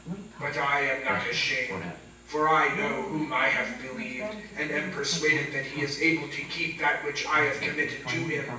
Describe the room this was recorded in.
A large space.